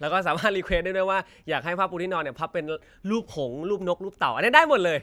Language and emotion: Thai, happy